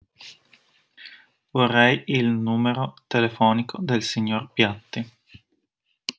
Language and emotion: Italian, neutral